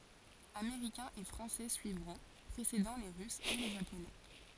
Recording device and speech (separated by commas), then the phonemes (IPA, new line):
forehead accelerometer, read sentence
ameʁikɛ̃z e fʁɑ̃sɛ syivʁɔ̃ pʁesedɑ̃ le ʁysz e le ʒaponɛ